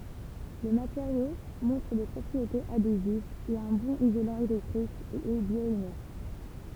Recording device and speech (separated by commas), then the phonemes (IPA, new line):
temple vibration pickup, read sentence
lə mateʁjo mɔ̃tʁ de pʁɔpʁietez adezivz ɛt œ̃ bɔ̃n izolɑ̃ elɛktʁik e ɛ bjwanɛʁt